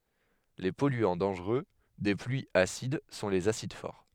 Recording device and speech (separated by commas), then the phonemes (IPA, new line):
headset microphone, read sentence
le pɔlyɑ̃ dɑ̃ʒʁø de plyiz asid sɔ̃ lez asid fɔʁ